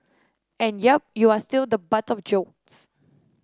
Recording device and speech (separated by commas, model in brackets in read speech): standing microphone (AKG C214), read sentence